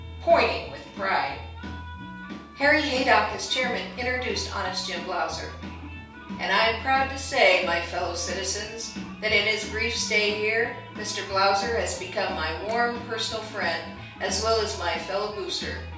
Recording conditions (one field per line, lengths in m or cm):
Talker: one person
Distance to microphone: 3.0 m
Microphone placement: far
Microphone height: 1.8 m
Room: small (3.7 m by 2.7 m)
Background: music